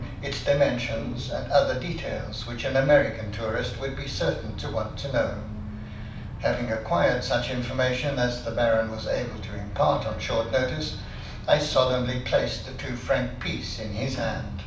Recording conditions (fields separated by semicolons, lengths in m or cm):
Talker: one person; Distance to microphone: 5.8 m; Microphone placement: far; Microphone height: 1.8 m; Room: medium-sized (5.7 m by 4.0 m); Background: television